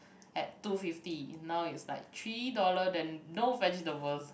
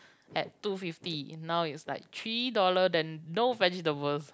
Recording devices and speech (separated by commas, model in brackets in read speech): boundary microphone, close-talking microphone, conversation in the same room